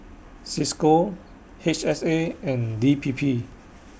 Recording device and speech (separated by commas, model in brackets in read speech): boundary microphone (BM630), read sentence